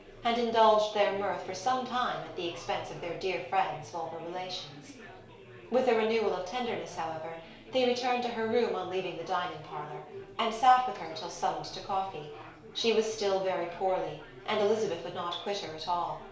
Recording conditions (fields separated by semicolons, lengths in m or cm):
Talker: one person; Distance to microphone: 1.0 m; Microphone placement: close; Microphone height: 1.1 m; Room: small (3.7 m by 2.7 m); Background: babble